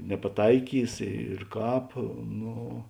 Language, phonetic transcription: Lithuanian, nepaˈtaikys ir ˈkāp ˈno

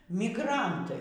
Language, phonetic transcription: Lithuanian, migˈrantai

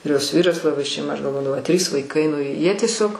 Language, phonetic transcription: Lithuanian, ir ˈjos ˈvyras laˈbai šeiˈma ˈaš galˈvodavau a trys vaiˈkai nu ˈjie tieˈsiog

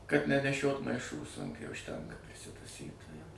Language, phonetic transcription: Lithuanian, kad neneˈšiot maiˈšų sunˈkių užˈtenka prisitaˈsy ta jau

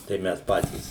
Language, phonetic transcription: Lithuanian, tai ˈmes ˈpatys

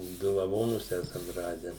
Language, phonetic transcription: Lithuanian, ˈdu laˈvonus ˈesam ˈrade

